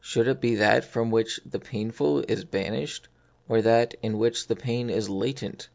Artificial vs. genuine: genuine